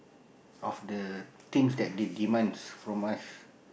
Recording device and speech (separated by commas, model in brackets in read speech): boundary microphone, conversation in the same room